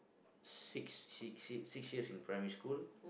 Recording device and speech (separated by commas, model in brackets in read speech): boundary microphone, conversation in the same room